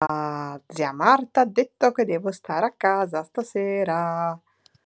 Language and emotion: Italian, happy